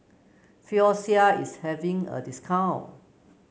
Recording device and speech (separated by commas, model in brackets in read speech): mobile phone (Samsung C9), read sentence